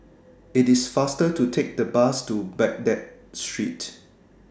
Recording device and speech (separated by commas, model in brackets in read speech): standing microphone (AKG C214), read sentence